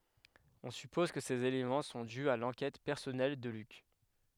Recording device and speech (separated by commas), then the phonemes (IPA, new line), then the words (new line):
headset microphone, read sentence
ɔ̃ sypɔz kə sez elemɑ̃ sɔ̃ dy a lɑ̃kɛt pɛʁsɔnɛl də lyk
On suppose que ces éléments sont dus à l’enquête personnelle de Luc.